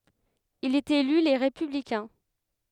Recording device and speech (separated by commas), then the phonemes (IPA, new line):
headset microphone, read sentence
il ɛt ely le ʁepyblikɛ̃